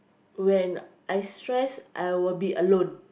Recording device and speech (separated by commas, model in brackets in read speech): boundary microphone, conversation in the same room